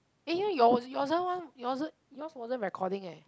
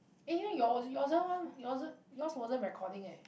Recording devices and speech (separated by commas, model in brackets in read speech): close-talking microphone, boundary microphone, conversation in the same room